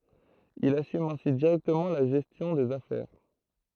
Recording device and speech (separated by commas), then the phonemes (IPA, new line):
throat microphone, read sentence
il asym ɛ̃si diʁɛktəmɑ̃ la ʒɛstjɔ̃ dez afɛʁ